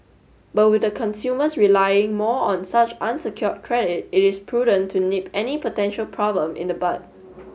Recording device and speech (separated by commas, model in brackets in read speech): mobile phone (Samsung S8), read sentence